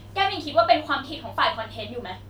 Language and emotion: Thai, angry